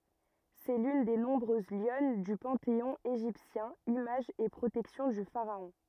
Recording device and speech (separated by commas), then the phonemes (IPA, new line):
rigid in-ear microphone, read sentence
sɛ lyn de nɔ̃bʁøz ljɔn dy pɑ̃teɔ̃ eʒiptjɛ̃ imaʒ e pʁotɛksjɔ̃ dy faʁaɔ̃